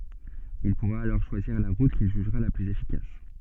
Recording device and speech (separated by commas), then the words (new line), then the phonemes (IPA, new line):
soft in-ear microphone, read sentence
Il pourra alors choisir la route qu'il jugera la plus efficace.
il puʁa alɔʁ ʃwaziʁ la ʁut kil ʒyʒʁa la plyz efikas